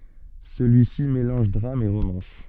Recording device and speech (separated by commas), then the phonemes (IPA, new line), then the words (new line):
soft in-ear microphone, read sentence
səlyisi melɑ̃ʒ dʁam e ʁomɑ̃s
Celui-ci mélange drame et romance.